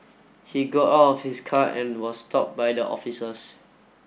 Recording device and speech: boundary microphone (BM630), read sentence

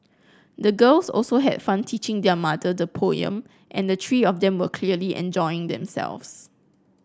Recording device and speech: close-talking microphone (WH30), read sentence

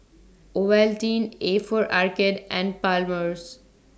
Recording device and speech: standing microphone (AKG C214), read sentence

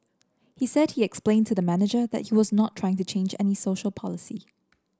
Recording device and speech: standing microphone (AKG C214), read sentence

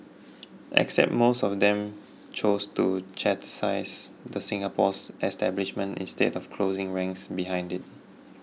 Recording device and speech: mobile phone (iPhone 6), read sentence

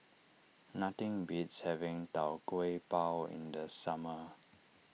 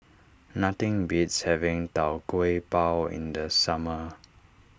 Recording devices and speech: mobile phone (iPhone 6), standing microphone (AKG C214), read sentence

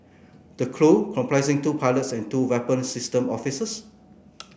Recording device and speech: boundary microphone (BM630), read sentence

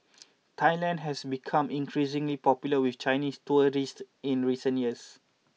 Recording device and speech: mobile phone (iPhone 6), read sentence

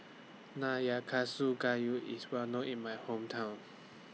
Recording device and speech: mobile phone (iPhone 6), read sentence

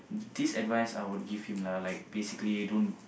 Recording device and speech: boundary microphone, conversation in the same room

